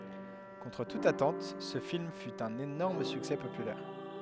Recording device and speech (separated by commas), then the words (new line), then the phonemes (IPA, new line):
headset microphone, read sentence
Contre toute attente ce film fut un énorme succès populaire.
kɔ̃tʁ tut atɑ̃t sə film fy œ̃n enɔʁm syksɛ popylɛʁ